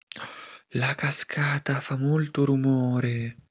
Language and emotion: Italian, surprised